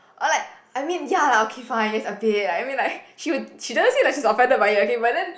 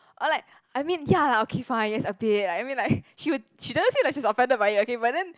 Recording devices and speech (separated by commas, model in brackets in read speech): boundary microphone, close-talking microphone, conversation in the same room